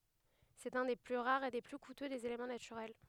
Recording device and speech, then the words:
headset microphone, read sentence
C'est un des plus rares et des plus coûteux des éléments naturels.

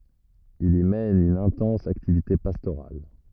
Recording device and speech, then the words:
rigid in-ear microphone, read sentence
Il y mène une intense activité pastorale.

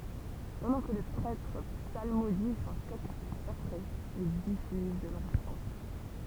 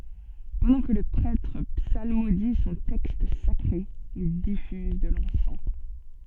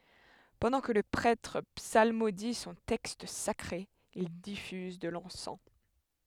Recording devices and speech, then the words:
temple vibration pickup, soft in-ear microphone, headset microphone, read sentence
Pendant que le prêtre psalmodie son texte sacré, il diffuse de l'encens.

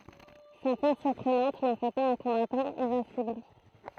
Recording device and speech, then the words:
throat microphone, read sentence
Sa force surprenante n'en fait pas un combattant invincible.

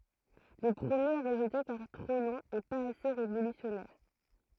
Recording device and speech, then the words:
throat microphone, read sentence
Le premier est rejeté car trop long et pas assez révolutionnaire.

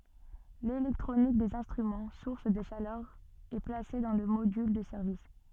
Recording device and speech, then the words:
soft in-ear microphone, read sentence
L'électronique des instruments, source de chaleur, est placée dans le module de service.

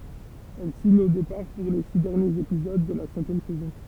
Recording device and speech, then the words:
temple vibration pickup, read sentence
Elle signe au départ pour les six derniers épisodes de la cinquième saison.

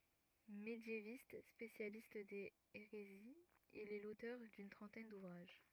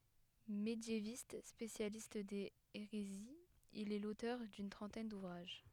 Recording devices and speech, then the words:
rigid in-ear microphone, headset microphone, read sentence
Médiéviste, spécialiste des hérésies, il est l'auteur d'une trentaine d'ouvrages.

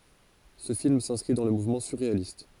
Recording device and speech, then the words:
forehead accelerometer, read sentence
Ce film s'inscrit dans le mouvement surréaliste.

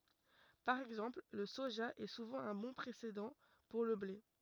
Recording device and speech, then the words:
rigid in-ear microphone, read sentence
Par exemple, le soja est souvent un bon précédent pour le blé.

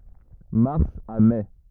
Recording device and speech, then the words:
rigid in-ear microphone, read sentence
Mars à mai.

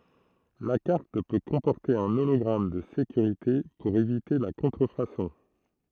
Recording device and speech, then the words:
throat microphone, read sentence
La carte peut comporter un hologramme de sécurité pour éviter la contrefaçon.

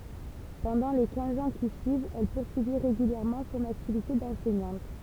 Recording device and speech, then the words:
temple vibration pickup, read sentence
Pendant les quinze ans qui suivent, elle poursuit régulièrement son activité d'enseignante.

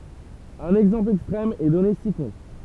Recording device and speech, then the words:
temple vibration pickup, read sentence
Un exemple extrême est donné ci-contre.

